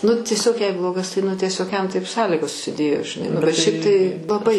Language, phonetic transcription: Lithuanian, nu tieˈsiog jei ˈblogas tai ˈnu tieˈsiog jam taip ˈsąlygos susiˈdėjo žiˈnai nu bet šiaip tai laˈbai

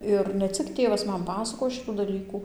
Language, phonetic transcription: Lithuanian, ˈir ne ˈcik ˈtėvas ˈman ˈpasakojo ˈšitų daˈlykų

